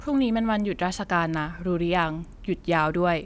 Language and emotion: Thai, neutral